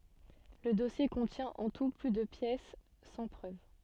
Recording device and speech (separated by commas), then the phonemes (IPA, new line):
soft in-ear microphone, read sentence
lə dɔsje kɔ̃tjɛ̃ ɑ̃ tu ply də pjɛs sɑ̃ pʁøv